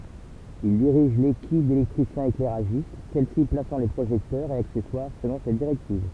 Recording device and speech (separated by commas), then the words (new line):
temple vibration pickup, read sentence
Il dirige l'équipe d'électriciens-éclairagistes, celle-ci plaçant les projecteurs et accessoires selon ses directives.